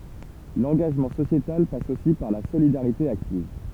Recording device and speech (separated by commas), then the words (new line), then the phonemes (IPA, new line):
temple vibration pickup, read sentence
L'engagement sociétal passe aussi par la solidarité active.
lɑ̃ɡaʒmɑ̃ sosjetal pas osi paʁ la solidaʁite aktiv